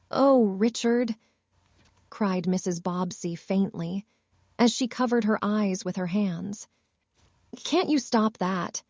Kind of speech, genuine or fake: fake